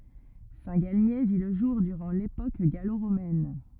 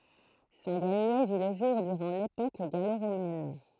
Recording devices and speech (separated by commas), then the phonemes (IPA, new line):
rigid in-ear microphone, throat microphone, read sentence
sɛ̃tɡalmje vi lə ʒuʁ dyʁɑ̃ lepok ɡaloʁomɛn